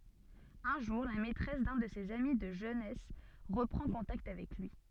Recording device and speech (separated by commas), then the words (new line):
soft in-ear microphone, read sentence
Un jour, la maîtresse d’un de ses amis de jeunesse reprend contact avec lui.